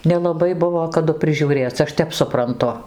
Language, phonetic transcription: Lithuanian, nelaˈbai ˈbuvo kaˈdu prižiūˈrėc' ˈaš ˈtep supranˈtu

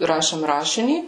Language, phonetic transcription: Lithuanian, ˈrašėm ˈrašinį

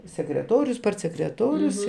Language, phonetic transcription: Lithuanian, sekreˈtorius partsekreˈtorius

